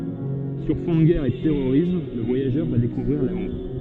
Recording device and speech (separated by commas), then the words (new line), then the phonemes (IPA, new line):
soft in-ear microphone, read sentence
Sur fond de guerre et de terrorisme, le voyageur va découvrir l'amour.
syʁ fɔ̃ də ɡɛʁ e də tɛʁoʁism lə vwajaʒœʁ va dekuvʁiʁ lamuʁ